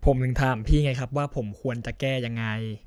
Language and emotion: Thai, frustrated